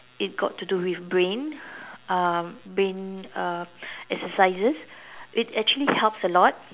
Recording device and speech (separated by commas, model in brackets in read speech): telephone, conversation in separate rooms